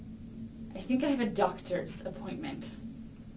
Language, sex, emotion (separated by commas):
English, female, disgusted